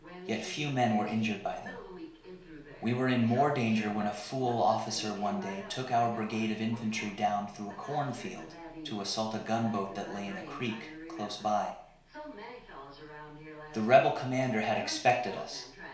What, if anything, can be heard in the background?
A television.